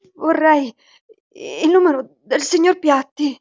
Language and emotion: Italian, fearful